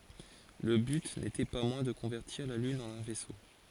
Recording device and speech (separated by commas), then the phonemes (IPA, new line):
forehead accelerometer, read sentence
lə byt netɛ pa mwɛ̃ də kɔ̃vɛʁtiʁ la lyn ɑ̃n œ̃ vɛso